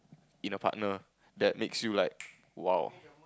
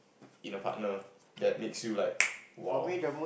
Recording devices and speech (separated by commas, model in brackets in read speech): close-talking microphone, boundary microphone, conversation in the same room